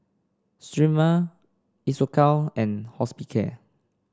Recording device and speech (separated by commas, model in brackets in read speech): standing microphone (AKG C214), read sentence